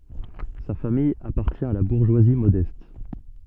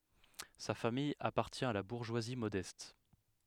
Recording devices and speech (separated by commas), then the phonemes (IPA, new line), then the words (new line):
soft in-ear microphone, headset microphone, read sentence
sa famij apaʁtjɛ̃ a la buʁʒwazi modɛst
Sa famille appartient à la bourgeoisie modeste.